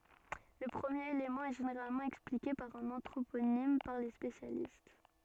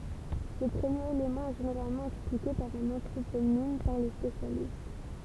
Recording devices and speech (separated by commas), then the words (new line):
soft in-ear microphone, temple vibration pickup, read sentence
Le premier élément est généralement expliqué par un anthroponyme par les spécialistes.